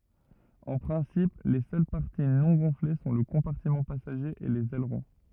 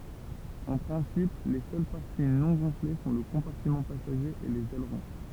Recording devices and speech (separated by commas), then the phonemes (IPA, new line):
rigid in-ear microphone, temple vibration pickup, read sentence
ɑ̃ pʁɛ̃sip le sœl paʁti nɔ̃ ɡɔ̃fle sɔ̃ lə kɔ̃paʁtimɑ̃ pasaʒe e lez ɛlʁɔ̃